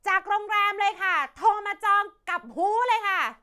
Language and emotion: Thai, angry